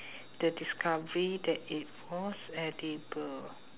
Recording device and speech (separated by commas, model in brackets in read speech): telephone, conversation in separate rooms